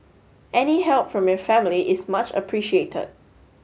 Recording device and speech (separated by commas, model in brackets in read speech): mobile phone (Samsung S8), read sentence